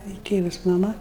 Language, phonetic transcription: Lithuanian, ir ˈtėvus maˈma

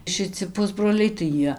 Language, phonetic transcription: Lithuanian, šˈici ˈpusbroliai tai ˈjie

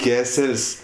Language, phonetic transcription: Lithuanian, ˈkesel's'

